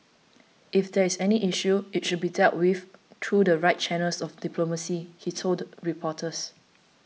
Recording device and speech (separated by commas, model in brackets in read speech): mobile phone (iPhone 6), read sentence